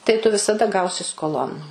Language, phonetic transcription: Lithuanian, tai tu visaˈda ˈgausi skoˈlon

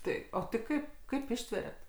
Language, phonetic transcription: Lithuanian, ˈtai ˈo tai ˈkaip ˈkaip ˈištveriat

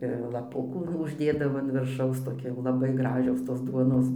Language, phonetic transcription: Lithuanian, ir laˈpukų nu užˈdėdavo an virˈšaus toˈki jau laˈbaiˈgražios tos ˈduonos

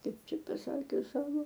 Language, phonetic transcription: Lithuanian, ˈkaip ˈčia paˈsakius ˈsavo

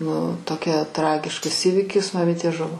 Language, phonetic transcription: Lithuanian, nu toˈkia ˈtragiškas ˈįvikis maˈmitė ˈžuvo

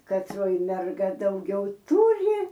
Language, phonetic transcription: Lithuanian, katˈroj merˈga dauˈgiau ˈturi

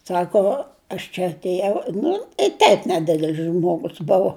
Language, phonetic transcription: Lithuanian, ˈsako aš čia atėˈjau nu tei teip neˈdidel's ˈžmogus ˈbuvo

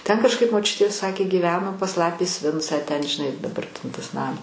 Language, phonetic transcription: Lithuanian, ten kažˈkaip moˈčiutė ˈsakė gyˈveno pas ˈlapės ˈvincą ten žiˈnai daˈbar ten tas ˈnam

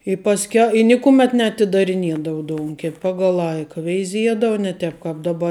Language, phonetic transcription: Lithuanian, i pasˈkia i ˈnikumet neatidariˈniedavu ˈdounkep ˈpagal ˈlaika veiˈziedava ne ˈtep kap daˈba i

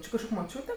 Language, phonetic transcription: Lithuanian, ˈči kažˈkok' moˈčiūte

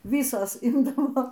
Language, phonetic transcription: Lithuanian, ˈvysos ˈimdavo

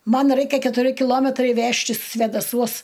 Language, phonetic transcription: Lithuanian, ˈman ˈraikia ketuˈri kiˈlometrai ˈvežtis svėdaˈsuos

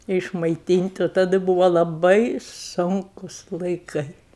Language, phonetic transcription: Lithuanian, išmaiˈtynt' o taˈdɨ ˈbuvo laˈbai ˈsunkus laiˈkai

